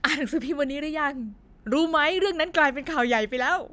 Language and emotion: Thai, happy